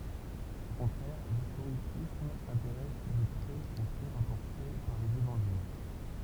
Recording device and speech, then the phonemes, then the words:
temple vibration pickup, read sentence
o kɔ̃tʁɛʁ listoʁisism sɛ̃teʁɛs də pʁɛz o fɛ ʁapɔʁte paʁ lez evɑ̃ʒil
Au contraire, l'historicisme s'intéresse de près aux faits rapportés par les évangiles.

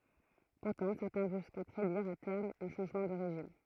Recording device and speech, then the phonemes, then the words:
throat microphone, read sentence
puʁtɑ̃ sɛʁtɛ̃ vɔ̃ ʒyska pʁediʁ a tɛʁm œ̃ ʃɑ̃ʒmɑ̃ də ʁeʒim
Pourtant certains vont jusqu'à prédire à terme un changement de régime.

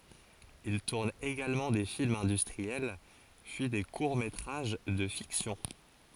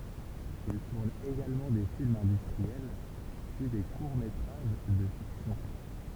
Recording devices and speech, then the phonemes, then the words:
forehead accelerometer, temple vibration pickup, read sentence
il tuʁn eɡalmɑ̃ de filmz ɛ̃dystʁiɛl pyi de kuʁ metʁaʒ də fiksjɔ̃
Il tourne également des films industriels, puis des courts métrages de fiction.

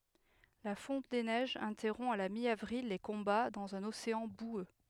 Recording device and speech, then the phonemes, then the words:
headset microphone, read sentence
la fɔ̃t de nɛʒz ɛ̃tɛʁɔ̃ a la mjavʁil le kɔ̃ba dɑ̃z œ̃n oseɑ̃ bwø
La fonte des neiges interrompt à la mi-avril les combats dans un océan boueux.

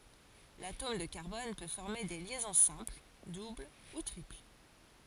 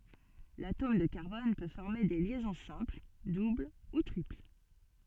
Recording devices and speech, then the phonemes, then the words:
forehead accelerometer, soft in-ear microphone, read sentence
latom də kaʁbɔn pø fɔʁme de ljɛzɔ̃ sɛ̃pl dubl u tʁipl
L’atome de carbone peut former des liaisons simples, doubles ou triples.

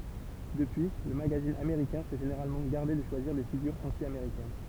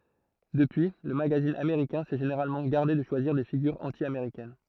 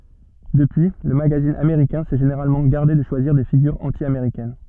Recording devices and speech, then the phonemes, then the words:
temple vibration pickup, throat microphone, soft in-ear microphone, read sentence
dəpyi lə maɡazin ameʁikɛ̃ sɛ ʒeneʁalmɑ̃ ɡaʁde də ʃwaziʁ de fiɡyʁz ɑ̃tjameʁikɛn
Depuis, le magazine américain s'est généralement gardé de choisir des figures anti-américaines.

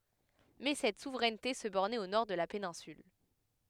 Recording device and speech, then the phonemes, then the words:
headset microphone, read sentence
mɛ sɛt suvʁɛnte sə bɔʁnɛt o nɔʁ də la penɛ̃syl
Mais cette souveraineté se bornait au nord de la péninsule.

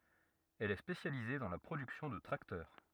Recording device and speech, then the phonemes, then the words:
rigid in-ear microphone, read sentence
ɛl ɛ spesjalize dɑ̃ la pʁodyksjɔ̃ də tʁaktœʁ
Elle est spécialisée dans la production de tracteurs.

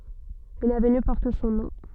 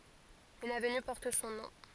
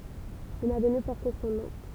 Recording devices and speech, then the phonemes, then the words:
soft in-ear microphone, forehead accelerometer, temple vibration pickup, read sentence
yn avny pɔʁt sɔ̃ nɔ̃
Une avenue porte son nom.

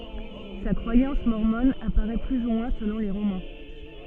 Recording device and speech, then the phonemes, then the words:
soft in-ear microphone, read sentence
sa kʁwajɑ̃s mɔʁmɔn apaʁɛ ply u mwɛ̃ səlɔ̃ le ʁomɑ̃
Sa croyance mormone apparaît plus ou moins selon les romans.

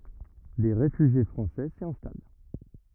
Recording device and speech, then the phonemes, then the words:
rigid in-ear microphone, read sentence
de ʁefyʒje fʁɑ̃sɛ si ɛ̃stal
Des réfugiés français s'y installent.

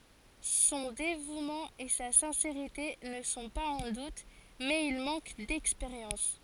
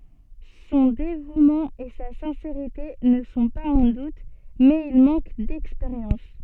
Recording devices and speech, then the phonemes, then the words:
forehead accelerometer, soft in-ear microphone, read sentence
sɔ̃ devumɑ̃ e sa sɛ̃seʁite nə sɔ̃ paz ɑ̃ dut mɛz il mɑ̃k dɛkspeʁjɑ̃s
Son dévouement et sa sincérité ne sont pas en doute, mais il manque d'expérience.

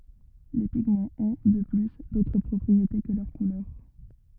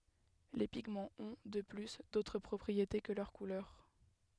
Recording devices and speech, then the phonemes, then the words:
rigid in-ear microphone, headset microphone, read sentence
le piɡmɑ̃z ɔ̃ də ply dotʁ pʁɔpʁiete kə lœʁ kulœʁ
Les pigments ont, de plus, d'autres propriétés que leur couleur.

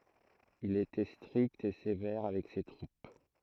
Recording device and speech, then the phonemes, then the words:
throat microphone, read sentence
il etɛ stʁikt e sevɛʁ avɛk se tʁup
Il était strict et sévère avec ses troupes.

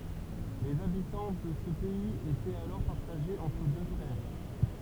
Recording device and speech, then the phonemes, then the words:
temple vibration pickup, read sentence
lez abitɑ̃ də sə pɛiz etɛt alɔʁ paʁtaʒez ɑ̃tʁ dø fʁɛʁ
Les habitants de ce pays étaient alors partagés entre deux frères.

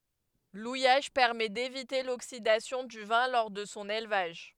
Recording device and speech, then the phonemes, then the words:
headset microphone, read sentence
lujaʒ pɛʁmɛ devite loksidasjɔ̃ dy vɛ̃ lɔʁ də sɔ̃ elvaʒ
L'ouillage permet d'éviter l'oxydation du vin lors de son élevage.

